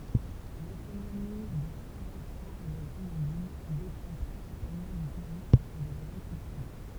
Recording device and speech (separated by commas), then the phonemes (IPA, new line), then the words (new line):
temple vibration pickup, read sentence
lekonomi də sɛ̃ vɛ̃sɑ̃ e le ɡʁənadin depɑ̃ pʁɛ̃sipalmɑ̃ dy tuʁism e də laɡʁikyltyʁ
L'économie de Saint-Vincent-et-les-Grenadines dépend principalement du tourisme et de l'agriculture.